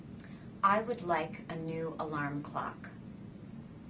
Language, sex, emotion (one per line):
English
female
neutral